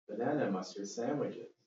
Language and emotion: English, neutral